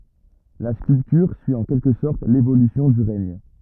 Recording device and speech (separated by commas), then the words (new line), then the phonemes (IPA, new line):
rigid in-ear microphone, read sentence
La sculpture suit en quelque sorte l'évolution du règne.
la skyltyʁ syi ɑ̃ kɛlkə sɔʁt levolysjɔ̃ dy ʁɛɲ